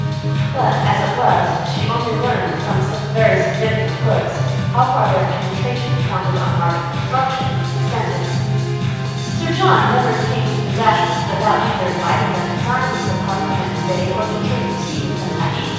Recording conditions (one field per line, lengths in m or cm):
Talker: one person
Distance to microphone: 7.1 m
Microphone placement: far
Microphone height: 1.7 m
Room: very reverberant, large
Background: music